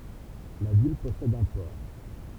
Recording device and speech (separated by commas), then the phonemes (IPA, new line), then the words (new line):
temple vibration pickup, read sentence
la vil pɔsɛd œ̃ pɔʁ
La ville possède un port.